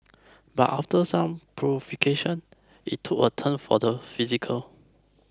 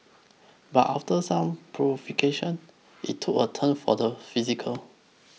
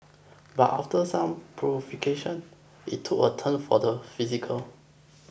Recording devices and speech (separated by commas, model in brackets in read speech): close-talking microphone (WH20), mobile phone (iPhone 6), boundary microphone (BM630), read sentence